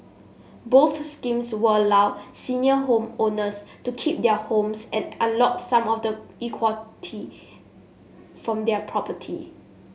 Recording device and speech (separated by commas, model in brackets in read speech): mobile phone (Samsung S8), read sentence